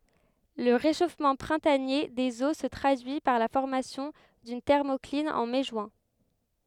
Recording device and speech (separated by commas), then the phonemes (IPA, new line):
headset microphone, read sentence
lə ʁeʃofmɑ̃ pʁɛ̃tanje dez o sə tʁadyi paʁ la fɔʁmasjɔ̃ dyn tɛʁmɔklin ɑ̃ mɛ ʒyɛ̃